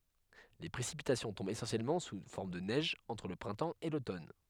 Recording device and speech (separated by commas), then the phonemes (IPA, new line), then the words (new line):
headset microphone, read sentence
le pʁesipitasjɔ̃ tɔ̃bt esɑ̃sjɛlmɑ̃ su fɔʁm də nɛʒ ɑ̃tʁ lə pʁɛ̃tɑ̃ e lotɔn
Les précipitations tombent essentiellement sous forme de neige entre le printemps et l'automne.